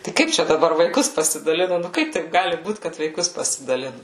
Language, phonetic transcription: Lithuanian, tai ˈkaip čia daˈbar vaiˈkus pasidaˈlinu nu ˈkaip taip ˈgali ˈbūt kad vaiˈkus pasidaˈlinu

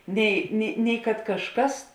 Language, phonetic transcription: Lithuanian, ˈnei ni nei kad kažˈkas

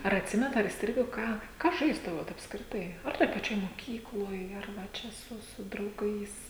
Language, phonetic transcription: Lithuanian, ar atˈsimenat ar įsˈtrigo ˈką ˈką ˈžaisdavot apskriˈtai ˈar toj paˈčioj moˈkykloj ˈar va ˈčia ˈsu su drauˈgais

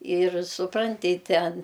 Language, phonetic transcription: Lithuanian, ir suˈpranti ˈten

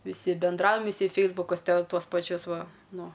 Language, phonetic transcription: Lithuanian, viˈsi benˈdraujam viˈsi ˈfeisbukus ˈte ˈtuos paˈčius ˈva ˈnu

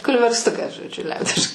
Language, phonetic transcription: Lithuanian, kulversˈtukas žodˈžiu ˈliaudiš

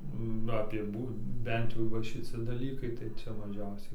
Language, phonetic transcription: Lithuanian, ˈnu apie ˈbū ˈbent jau va šiˈci daˈlykai tai ˈcia maˈžiausiai

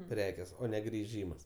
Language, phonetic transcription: Lithuanian, ˈprekės ˈo ˈne griˈžymas

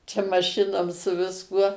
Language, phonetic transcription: Lithuanian, čia maˈšinom su visˈkuo

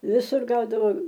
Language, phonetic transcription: Lithuanian, viˈsur ˈgaudavo

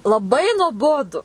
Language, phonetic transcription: Lithuanian, laˈbai nuoˈbodu

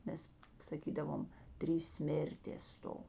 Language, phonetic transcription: Lithuanian, ˈmes saˈkydavom ˈtrys ˈsmėrtės ˈsto

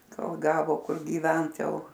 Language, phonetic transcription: Lithuanian, ˈkol ˈgavo ˈkur gyˈvent ˈjau

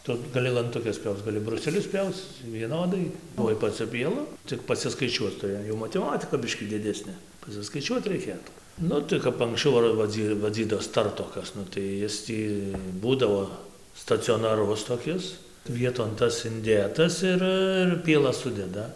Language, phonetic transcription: Lithuanian, ˈtu gaˈli lantuˈkes ˈpjauc gaˈli bruˈselius ˈpjauc vieˈnodai tuoj paˈciu pieˈlu ˈcik pasiskaiˈčiuoc tuˈri jau mateˈmatika ˈbiškį diˈdesnė pasiskaiˈčiuot reiˈkėtų ˈnu tai kap anksˈčiau ar vaˈdzy vaˈdzydos ˈtartokas ˈnu tai ˈis tį ˈbūdavo stacionaˈrus toˈkis ˈvieton ˈtas inˈdėtas ˈir ir pieˈlas ˈsudeda

